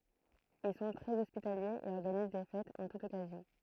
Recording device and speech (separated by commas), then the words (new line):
throat microphone, read sentence
Ils sont très hospitaliers et organisent des fêtes en toute occasion.